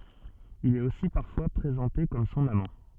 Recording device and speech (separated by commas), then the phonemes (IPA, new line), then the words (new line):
soft in-ear microphone, read sentence
il ɛt osi paʁfwa pʁezɑ̃te kɔm sɔ̃n amɑ̃
Il est aussi parfois présenté comme son amant.